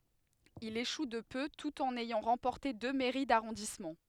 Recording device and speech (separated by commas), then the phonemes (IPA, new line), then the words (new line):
headset microphone, read sentence
il eʃu də pø tut ɑ̃n ɛjɑ̃ ʁɑ̃pɔʁte dø mɛʁi daʁɔ̃dismɑ̃
Il échoue de peu tout en ayant remporté deux mairies d'arrondissement.